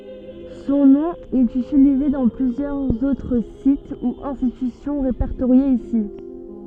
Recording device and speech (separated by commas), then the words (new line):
soft in-ear microphone, read sentence
Son nom est utilisé dans plusieurs autres sites ou institutions répertoriés ici.